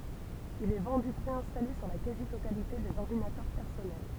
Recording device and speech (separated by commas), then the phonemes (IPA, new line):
temple vibration pickup, read sentence
il ɛ vɑ̃dy pʁeɛ̃stale syʁ la kazi totalite dez ɔʁdinatœʁ pɛʁsɔnɛl